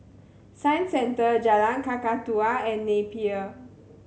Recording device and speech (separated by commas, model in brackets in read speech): mobile phone (Samsung C7100), read sentence